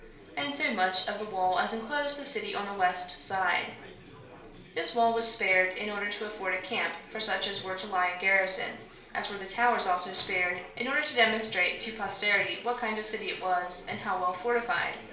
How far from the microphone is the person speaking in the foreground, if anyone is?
1.0 m.